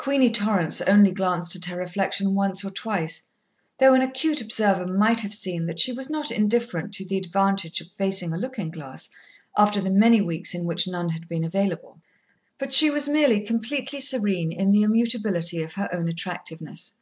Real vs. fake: real